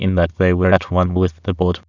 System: TTS, waveform concatenation